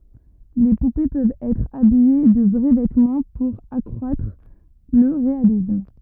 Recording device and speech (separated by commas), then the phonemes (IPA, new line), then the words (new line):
rigid in-ear microphone, read sentence
le pupe pøvt ɛtʁ abije də vʁɛ vɛtmɑ̃ puʁ akʁwatʁ lə ʁealism
Les poupées peuvent être habillées de vrais vêtements pour accroître le réalisme.